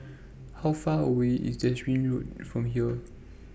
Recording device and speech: boundary microphone (BM630), read sentence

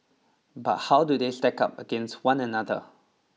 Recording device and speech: mobile phone (iPhone 6), read sentence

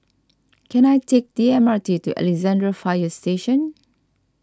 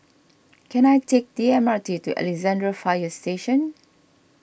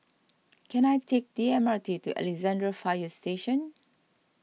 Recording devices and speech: standing microphone (AKG C214), boundary microphone (BM630), mobile phone (iPhone 6), read sentence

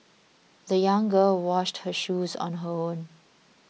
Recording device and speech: mobile phone (iPhone 6), read sentence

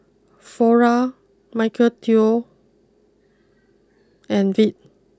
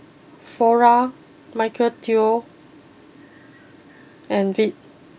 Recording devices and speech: close-talking microphone (WH20), boundary microphone (BM630), read sentence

